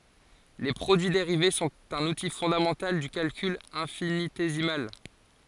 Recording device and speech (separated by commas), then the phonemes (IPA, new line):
forehead accelerometer, read sentence
le pʁodyi deʁive sɔ̃t œ̃n uti fɔ̃damɑ̃tal dy kalkyl ɛ̃finitezimal